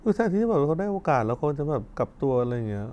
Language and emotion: Thai, frustrated